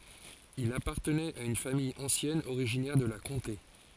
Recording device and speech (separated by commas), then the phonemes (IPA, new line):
forehead accelerometer, read sentence
il apaʁtənɛt a yn famij ɑ̃sjɛn oʁiʒinɛʁ də la kɔ̃te